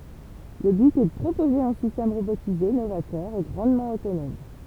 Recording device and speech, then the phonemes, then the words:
temple vibration pickup, read sentence
lə byt ɛ də pʁopoze œ̃ sistɛm ʁobotize novatœʁ e ɡʁɑ̃dmɑ̃ otonɔm
Le but est de proposer un système robotisé novateur et grandement autonome.

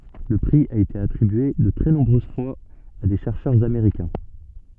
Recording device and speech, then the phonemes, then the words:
soft in-ear microphone, read sentence
lə pʁi a ete atʁibye də tʁɛ nɔ̃bʁøz fwaz a de ʃɛʁʃœʁz ameʁikɛ̃
Le prix a été attribué de très nombreuses fois à des chercheurs américains.

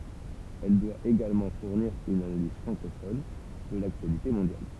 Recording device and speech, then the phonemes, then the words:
temple vibration pickup, read sentence
ɛl dwa eɡalmɑ̃ fuʁniʁ yn analiz fʁɑ̃kofɔn də laktyalite mɔ̃djal
Elle doit également fournir une analyse francophone de l'actualité mondiale.

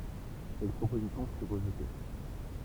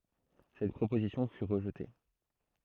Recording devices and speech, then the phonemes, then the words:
temple vibration pickup, throat microphone, read sentence
sɛt pʁopozisjɔ̃ fy ʁəʒte
Cette proposition fut rejetée.

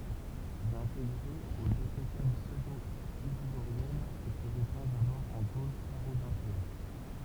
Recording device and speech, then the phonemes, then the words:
temple vibration pickup, read sentence
il ɛt ɛ̃teɡʁe o dekʁetal psødoizidoʁjɛnz e sə ʁepɑ̃ dabɔʁ ɑ̃ ɡol kaʁolɛ̃ʒjɛn
Il est intégré aux Décrétales pseudo-isidoriennes et se répand d'abord en Gaule carolingienne.

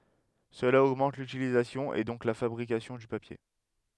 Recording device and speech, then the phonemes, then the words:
headset microphone, read sentence
səla oɡmɑ̃t lytilizasjɔ̃ e dɔ̃k la fabʁikasjɔ̃ dy papje
Cela augmente l’utilisation et donc la fabrication du papier.

